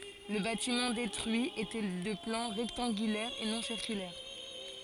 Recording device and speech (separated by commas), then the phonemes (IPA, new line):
forehead accelerometer, read sentence
lə batimɑ̃ detʁyi etɛ də plɑ̃ ʁɛktɑ̃ɡylɛʁ e nɔ̃ siʁkylɛʁ